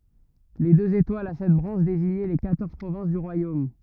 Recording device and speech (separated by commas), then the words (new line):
rigid in-ear microphone, read sentence
Les deux étoiles a sept branches désignaient les quatorze provinces du royaume.